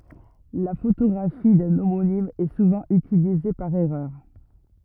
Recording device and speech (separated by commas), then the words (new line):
rigid in-ear microphone, read sentence
La photographie d'un homonyme est souvent utilisée par erreur.